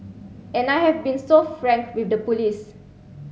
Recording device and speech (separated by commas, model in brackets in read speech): mobile phone (Samsung C7), read sentence